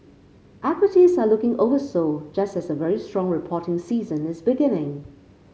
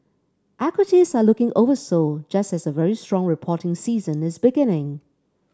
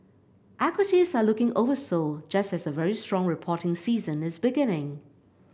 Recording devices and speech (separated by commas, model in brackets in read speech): mobile phone (Samsung C5), standing microphone (AKG C214), boundary microphone (BM630), read sentence